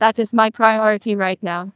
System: TTS, neural waveform model